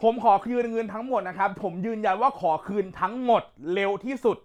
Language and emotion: Thai, angry